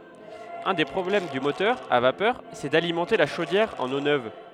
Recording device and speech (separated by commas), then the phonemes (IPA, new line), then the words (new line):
headset microphone, read sentence
œ̃ de pʁɔblɛm dy motœʁ a vapœʁ sɛ dalimɑ̃te la ʃodjɛʁ ɑ̃n o nøv
Un des problèmes du moteur à vapeur, c'est d'alimenter la chaudière en eau neuve.